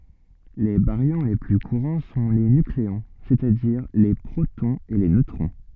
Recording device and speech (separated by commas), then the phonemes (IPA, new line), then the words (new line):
soft in-ear microphone, read sentence
le baʁjɔ̃ le ply kuʁɑ̃ sɔ̃ le nykleɔ̃ sɛstadiʁ le pʁotɔ̃z e le nøtʁɔ̃
Les baryons les plus courants sont les nucléons, c'est-à-dire les protons et les neutrons.